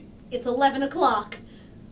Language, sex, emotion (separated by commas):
English, female, fearful